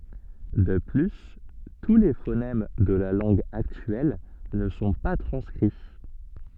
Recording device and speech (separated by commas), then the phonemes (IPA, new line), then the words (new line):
soft in-ear microphone, read sentence
də ply tu le fonɛm də la lɑ̃ɡ aktyɛl nə sɔ̃ pa tʁɑ̃skʁi
De plus, tous les phonèmes de la langue actuelle ne sont pas transcrits.